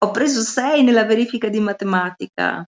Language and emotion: Italian, happy